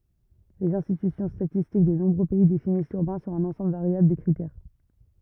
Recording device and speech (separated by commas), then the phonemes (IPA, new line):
rigid in-ear microphone, read sentence
lez ɛ̃stity statistik də nɔ̃bʁø pɛi definis lyʁbɛ̃ syʁ œ̃n ɑ̃sɑ̃bl vaʁjabl də kʁitɛʁ